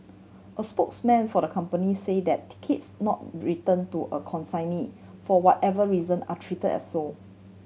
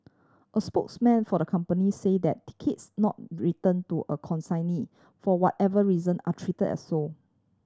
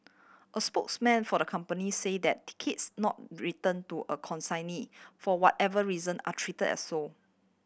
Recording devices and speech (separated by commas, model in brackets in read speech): mobile phone (Samsung C7100), standing microphone (AKG C214), boundary microphone (BM630), read sentence